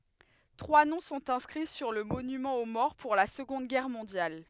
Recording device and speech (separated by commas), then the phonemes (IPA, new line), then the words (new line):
headset microphone, read sentence
tʁwa nɔ̃ sɔ̃t ɛ̃skʁi syʁ lə monymɑ̃ o mɔʁ puʁ la səɡɔ̃d ɡɛʁ mɔ̃djal
Trois noms sont inscrits sur le monument aux morts pour la Seconde Guerre mondiale.